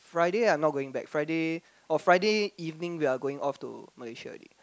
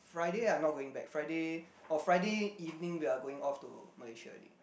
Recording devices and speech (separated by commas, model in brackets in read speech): close-talking microphone, boundary microphone, conversation in the same room